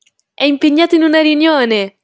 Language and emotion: Italian, happy